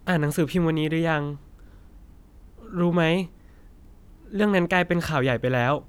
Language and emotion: Thai, frustrated